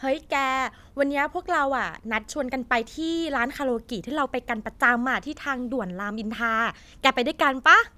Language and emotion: Thai, happy